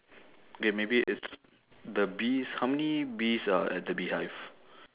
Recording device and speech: telephone, conversation in separate rooms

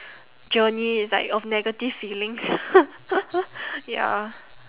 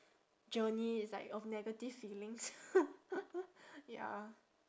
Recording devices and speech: telephone, standing microphone, conversation in separate rooms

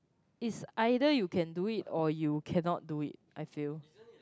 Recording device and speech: close-talking microphone, conversation in the same room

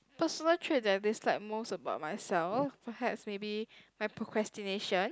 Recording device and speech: close-talking microphone, conversation in the same room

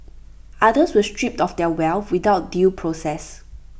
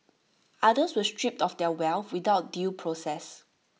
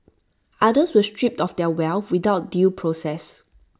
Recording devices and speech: boundary microphone (BM630), mobile phone (iPhone 6), standing microphone (AKG C214), read sentence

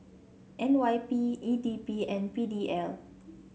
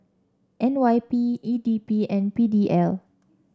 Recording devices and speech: mobile phone (Samsung C7), standing microphone (AKG C214), read sentence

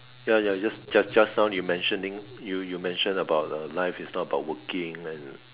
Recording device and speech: telephone, conversation in separate rooms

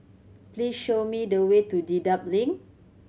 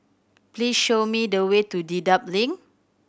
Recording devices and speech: mobile phone (Samsung C7100), boundary microphone (BM630), read sentence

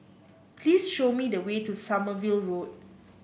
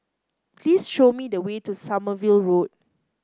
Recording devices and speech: boundary microphone (BM630), close-talking microphone (WH30), read sentence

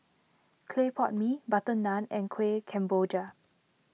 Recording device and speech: mobile phone (iPhone 6), read sentence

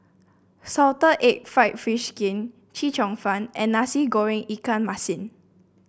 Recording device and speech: boundary microphone (BM630), read sentence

